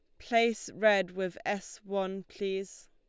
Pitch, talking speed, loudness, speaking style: 195 Hz, 135 wpm, -31 LUFS, Lombard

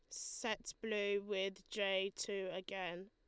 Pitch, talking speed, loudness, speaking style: 195 Hz, 125 wpm, -41 LUFS, Lombard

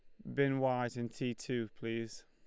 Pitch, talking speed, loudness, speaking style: 120 Hz, 190 wpm, -37 LUFS, Lombard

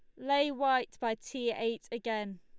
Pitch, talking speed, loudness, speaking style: 235 Hz, 165 wpm, -33 LUFS, Lombard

